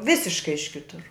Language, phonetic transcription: Lithuanian, ˈvisiškai iš ˈkitur

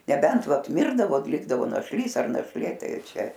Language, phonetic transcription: Lithuanian, neˈbent ˈvat ˈmirdavo ˈlikdavo našˈlys ar našˈlė ˈtai ˈčia

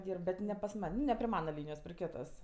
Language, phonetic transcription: Lithuanian, ˈdyrb bet ne pas ˈman' nu ne pri ˈmana ˈlynijos pri ˈkitos

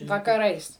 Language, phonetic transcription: Lithuanian, vakaˈrais

